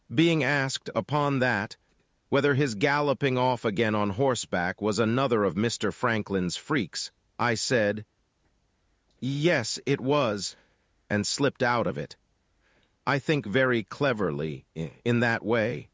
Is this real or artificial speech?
artificial